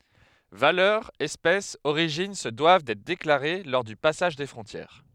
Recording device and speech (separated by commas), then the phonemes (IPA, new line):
headset microphone, read sentence
valœʁ ɛspɛs oʁiʒin sə dwav dɛtʁ deklaʁe lɔʁ dy pasaʒ de fʁɔ̃tjɛʁ